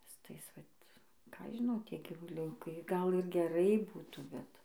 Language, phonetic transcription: Lithuanian, su ˈtais ˈvat ką ˈaš žiˈnau ˈtie gyvuˈliukai gal ir geˈrai ˈbūtų ˈbet

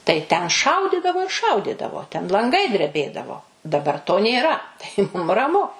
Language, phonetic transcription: Lithuanian, tai ten ˈšaudidavo ir ˈšaudidavo ten lanˈgai dreˈbėdavo daˈbar to nėˈra tai ˈmum raˈmu

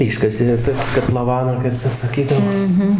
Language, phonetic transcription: Lithuanian, ˈiškasė jau ˈta katlaˈvaną kaip ˈtas saˈkydavo

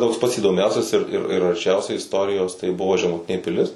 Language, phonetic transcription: Lithuanian, ˈtoks pats įdoˈmiausias ir ir ir arˈčiausiai isˈtorijos tai ˈbuvo žemuˈtinė piˈlis

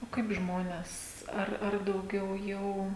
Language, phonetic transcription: Lithuanian, o ˈkaip ˈžmones ˈar ar dauˈgiau ˈjau

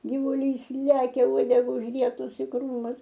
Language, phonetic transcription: Lithuanian, givuˈlys ˈlekia ˈuodega užˈrietus i ˈkrūmus

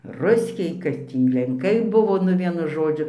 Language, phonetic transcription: Lithuanian, ˈruskiai kad ˈtį lenˈkai ˈbuvo nu ˈvienu ˈžodžiu

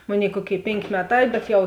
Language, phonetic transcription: Lithuanian, ˈmoˌnėi ˈkuoˌkėi ˈpėnkė ˈmeˌtā bet jau

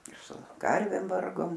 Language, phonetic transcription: Lithuanian, ir su ˈkarvėm ˈvargom

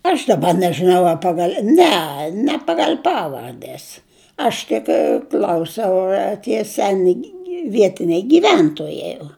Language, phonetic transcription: Lithuanian, aš daˈba nežɨˈnau a ˈpagal' ˈne ne ˈpagal' ˈpavardes ˈaš tik ˈkl'ausiau ar tie ˈseni ˈvietiniai gyˈventojai o

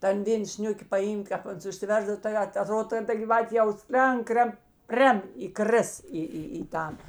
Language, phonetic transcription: Lithuanian, ˈtan ˈvėn ˈsniuki paˈymk ˈkāp ˈans užsiˈversdav tai ˈat aˈtrod ˈten ˈta gyˈvatė jau ˈslenk ˈkren ˈprem įˈkris ˈį ˈį į ˈtan

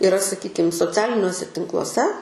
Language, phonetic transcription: Lithuanian, iˈra saˈkykim soˈcialiniuose tinkluoˈse

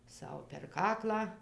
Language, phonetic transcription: Lithuanian, ˈsau per ˈkaklą

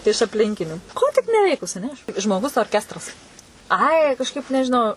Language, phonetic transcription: Lithuanian, iš apˈlinkinių ˈko tik neˈveikus aˈne aš žmoˈgus orˈkestras ˈai kažˈkaip nežiˈnau

